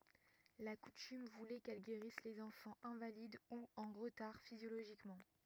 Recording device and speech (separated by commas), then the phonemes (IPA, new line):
rigid in-ear microphone, read sentence
la kutym vulɛ kɛl ɡeʁis lez ɑ̃fɑ̃z ɛ̃valid u ɑ̃ ʁətaʁ fizjoloʒikmɑ̃